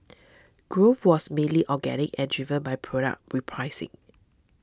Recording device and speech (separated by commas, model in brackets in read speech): standing microphone (AKG C214), read sentence